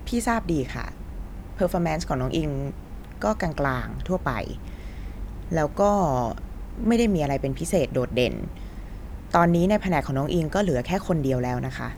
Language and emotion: Thai, frustrated